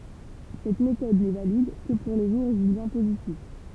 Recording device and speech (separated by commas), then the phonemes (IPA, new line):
temple vibration pickup, read sentence
sɛt metɔd nɛ valid kə puʁ le ʒuʁ ʒyljɛ̃ pozitif